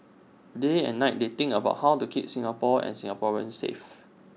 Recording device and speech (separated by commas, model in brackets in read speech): mobile phone (iPhone 6), read sentence